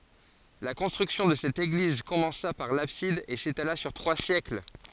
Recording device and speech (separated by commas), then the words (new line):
forehead accelerometer, read sentence
La construction de cette église commença par l'abside et s'étala sur trois siècles.